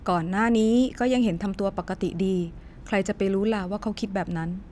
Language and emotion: Thai, neutral